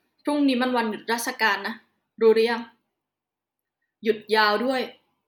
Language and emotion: Thai, frustrated